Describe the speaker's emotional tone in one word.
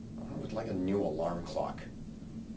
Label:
angry